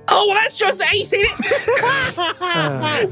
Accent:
In a high-pitched British accent